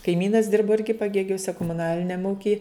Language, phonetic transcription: Lithuanian, kaiˈmynas ˈdirbo ˈirgi paˈgėgiuse komuˈnaliniam ˈūkij

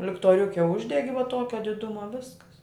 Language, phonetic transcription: Lithuanian, liktoˈriuke ˈuždegi va ˈtuokia diˈduma ˈviskas

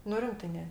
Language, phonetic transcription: Lithuanian, nu ˈrimtɜ ˈne

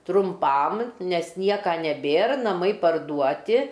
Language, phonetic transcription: Lithuanian, trumˈpam ˈnes ˈnieka neˈbėr naˈmai parˈduoti

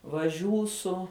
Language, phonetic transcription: Lithuanian, vaˈžiūsu

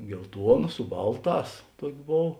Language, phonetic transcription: Lithuanian, gelˈtuona su ˈbalˌtās ˈtuok' ˈbov

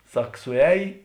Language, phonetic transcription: Lithuanian, ˈsak suˈēj

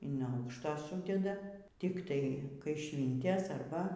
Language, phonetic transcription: Lithuanian, in ˈaukšto ˈsūdeda tikˈtai kaiˈšvyntes ˈarba

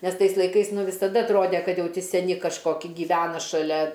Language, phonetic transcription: Lithuanian, ˈnes ˈtais laiˈkais ˈnu visaˈda atˈrode ˈkad ˈjau ˈti seˈni kažˈkoki gyˈvena šaˈlia

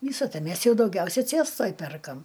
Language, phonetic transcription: Lithuanian, ˈvysa ˈta ˈmės jau dauˈgiausia ˈcėstoj ˈperkam

